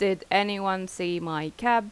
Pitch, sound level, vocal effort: 190 Hz, 87 dB SPL, loud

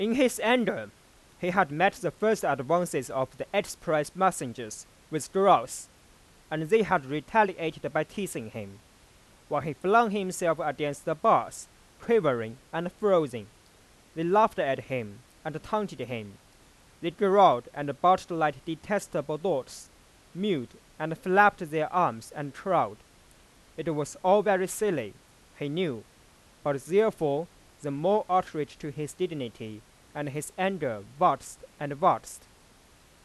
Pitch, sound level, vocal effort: 160 Hz, 95 dB SPL, loud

